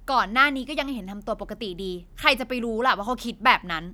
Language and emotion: Thai, angry